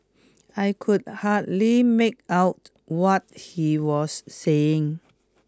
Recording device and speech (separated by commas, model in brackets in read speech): close-talking microphone (WH20), read sentence